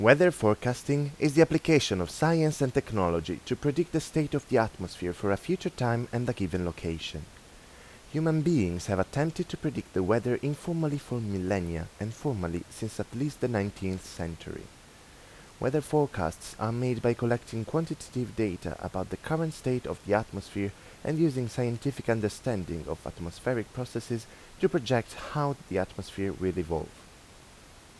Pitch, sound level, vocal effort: 120 Hz, 84 dB SPL, normal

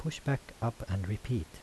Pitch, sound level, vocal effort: 115 Hz, 75 dB SPL, soft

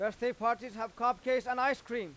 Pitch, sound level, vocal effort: 240 Hz, 101 dB SPL, very loud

